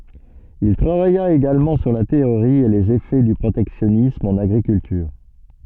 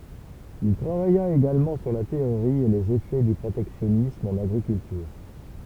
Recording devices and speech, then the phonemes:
soft in-ear microphone, temple vibration pickup, read sentence
il tʁavaja eɡalmɑ̃ syʁ la teoʁi e lez efɛ dy pʁotɛksjɔnism ɑ̃n aɡʁikyltyʁ

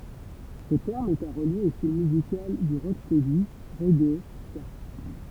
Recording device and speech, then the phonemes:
temple vibration pickup, read sentence
sə tɛʁm ɛt a ʁəlje o stil myzikal dy ʁokstɛdi ʁɛɡe ska

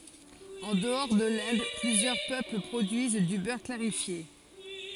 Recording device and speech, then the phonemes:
forehead accelerometer, read sentence
ɑ̃ dəɔʁ də lɛ̃d plyzjœʁ pøpl pʁodyiz dy bœʁ klaʁifje

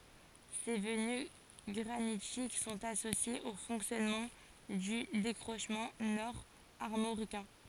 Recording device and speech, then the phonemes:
forehead accelerometer, read sentence
se vəny ɡʁanitik sɔ̃t asosjez o fɔ̃ksjɔnmɑ̃ dy dekʁoʃmɑ̃ nɔʁ aʁmoʁikɛ̃

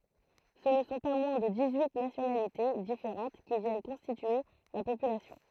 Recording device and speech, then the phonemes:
throat microphone, read sentence
sə nə sɔ̃ pa mwɛ̃ də dis yi nasjonalite difeʁɑ̃t ki vjɛn kɔ̃stitye la popylasjɔ̃

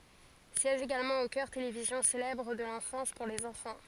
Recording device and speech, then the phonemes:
forehead accelerometer, read sentence
sjɛʒ eɡalmɑ̃ o kœʁ televizjɔ̃ selɛbʁ də lɑ̃fɑ̃s puʁ lez ɑ̃fɑ̃

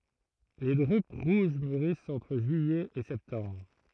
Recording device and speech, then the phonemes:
throat microphone, read sentence
le dʁyp ʁuʒ myʁist ɑ̃tʁ ʒyijɛ e sɛptɑ̃bʁ

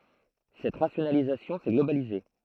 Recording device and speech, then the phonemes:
throat microphone, read sentence
sɛt ʁasjonalizasjɔ̃ sɛ ɡlobalize

